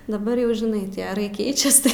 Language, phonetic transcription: Lithuanian, daˈbar jau žiˈnai tie aˈrai ˈkeičias tai

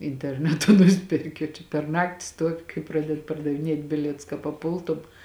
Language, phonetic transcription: Lithuanian, interˈnetu ˈnusperki o čia per ˈnakti ˈstuovi kai ˈpraded pardaviˈniet' ˈbilietus ka paˈpultum

